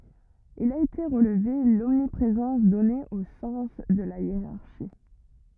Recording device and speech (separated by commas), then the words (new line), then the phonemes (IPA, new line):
rigid in-ear microphone, read sentence
Il a été relevé l'omniprésence donnée au sens de la hiérarchie.
il a ete ʁəlve lɔmnipʁezɑ̃s dɔne o sɑ̃s də la jeʁaʁʃi